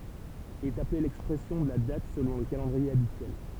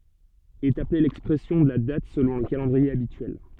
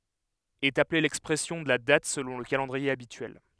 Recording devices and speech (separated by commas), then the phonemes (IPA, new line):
temple vibration pickup, soft in-ear microphone, headset microphone, read sentence
ɛt aple lɛkspʁɛsjɔ̃ də la dat səlɔ̃ lə kalɑ̃dʁie abityɛl